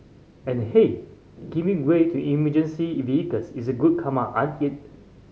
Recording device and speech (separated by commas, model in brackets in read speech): mobile phone (Samsung C5010), read sentence